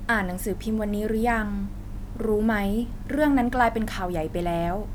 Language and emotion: Thai, frustrated